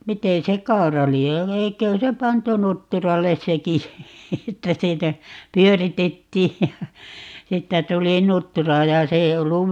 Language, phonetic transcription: Finnish, 'mite se "kau̬ra lie , 'eikö(hä) se 'pantu 'nutturalle "seki , 'että 'siinä , "pyöritettiij ja , 'siittä 'tuli "nuttura ja 'se ei 'ollu ,.
- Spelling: miten se kaura lie eiköhän se pantu nutturalle sekin että siinä pyöritettiin ja siitä tuli nuttura ja se ei ollut

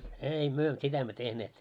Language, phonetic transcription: Finnish, ei myö , 'sitä emmö 'tehneet .
- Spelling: ei me sitä emme tehneet

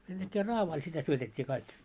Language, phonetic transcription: Finnish, sen ᴅäkkee "raavail sitä 'syötet́t́ii kaik .
- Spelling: sen näkee raavaille sitä syötettiin kaikki

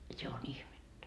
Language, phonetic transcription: Finnish, 'se on 'ihmettä . »
- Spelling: se on ihmettä

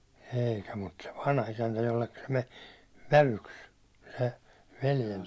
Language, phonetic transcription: Finnish, eikä mut se 'vanha₍isäntä , jollekka se me , 'vävyks , se velje- .
- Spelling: eikä mutta se vanhaisäntä jolle se meni vävyksi se -

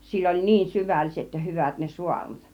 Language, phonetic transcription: Finnish, sill ‿oĺ "niin 'syvälliset ja 'hyvät ne 'suarnat .
- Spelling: sillä oli niin syvälliset ja hyvät ne saarnat

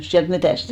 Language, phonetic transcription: Finnish, siält 'metä̀st ?
- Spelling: sieltä metsästä

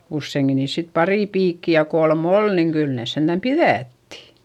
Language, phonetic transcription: Finnish, usseiŋkin niis sit parì piikki ja kolm ‿ol niiŋ kyl nès senDäm piδättI .
- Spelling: useinkin niissä sitten pari piikkiä ja kolme oli niin kyllä ne sentään pidätti

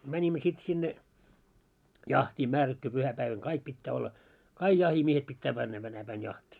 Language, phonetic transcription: Finnish, 'mäńimmö sit sinne , 'jahtii 'märättu puhä-päiväŋ 'kaik pittää olla , "kaiɢ 'jahimiehet pittä 'männä tänä päin 'jaht́ii .
- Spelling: menimme sitten sinne jahtiin määrätty pyhäpäivänä kaikki pitää olla kaikki jahtimiehet pitää mennä tänä päin jahtiin

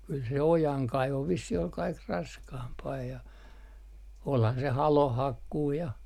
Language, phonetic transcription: Finnish, kyl se "ojaŋkaivo vissih ol 'kaik "raskaampaa ja , olhan se "haloh̆hakkuu ja .
- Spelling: kyllä se ojankaivo vissiin oli kaikki raskaampaa ja olihan se halonhakkuu ja

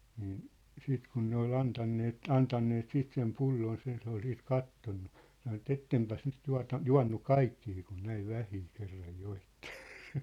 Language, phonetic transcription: Finnish, niin , 'siit kun ne ‿ol 'antanneet , 'antanneet 'siit sem 'pulloons ja se ‿ol siit 'kattonnu , sano ᵉt » "ettempäs nyt 'tua̭ta , "jua̭nnu "kaikkii kun 'näiv 'vähii 'kerraj 'joittᴇ ! «
- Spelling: niin sitten kun ne oli antaneet antaneet sitten sen pulloonsa ja se oli siitä katsonut sanoi että että enpäs nyt tuota juonut kaikkea kun näin vähän kerran joitte

